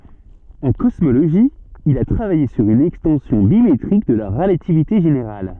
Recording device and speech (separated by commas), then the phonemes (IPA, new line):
soft in-ear microphone, read sentence
ɑ̃ kɔsmoloʒi il a tʁavaje syʁ yn ɛkstɑ̃sjɔ̃ bimetʁik də la ʁəlativite ʒeneʁal